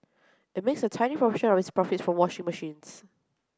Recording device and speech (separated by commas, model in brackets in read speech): close-talking microphone (WH30), read sentence